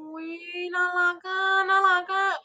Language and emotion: Thai, happy